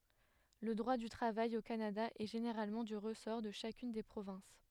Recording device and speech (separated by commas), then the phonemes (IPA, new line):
headset microphone, read sentence
lə dʁwa dy tʁavaj o kanada ɛ ʒeneʁalmɑ̃ dy ʁəsɔʁ də ʃakyn de pʁovɛ̃s